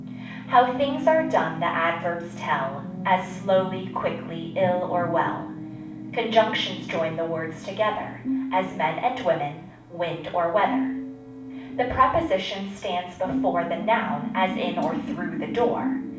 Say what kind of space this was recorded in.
A moderately sized room (about 5.7 m by 4.0 m).